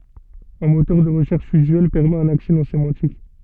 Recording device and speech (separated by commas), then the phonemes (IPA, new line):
soft in-ear microphone, read sentence
œ̃ motœʁ də ʁəʃɛʁʃ yzyɛl pɛʁmɛt œ̃n aksɛ nɔ̃ semɑ̃tik